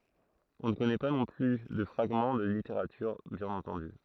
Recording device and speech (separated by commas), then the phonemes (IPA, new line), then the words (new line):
throat microphone, read sentence
ɔ̃ nə kɔnɛ pa nɔ̃ ply də fʁaɡmɑ̃ də liteʁatyʁ bjɛ̃n ɑ̃tɑ̃dy
On ne connaît pas non plus de fragments de littérature, bien entendu.